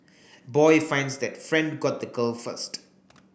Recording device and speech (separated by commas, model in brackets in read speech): boundary microphone (BM630), read sentence